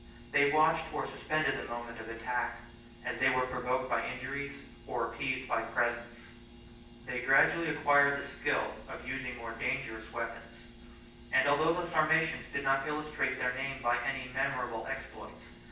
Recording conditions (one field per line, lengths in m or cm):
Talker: one person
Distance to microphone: 9.8 m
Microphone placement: far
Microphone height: 1.8 m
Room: large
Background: none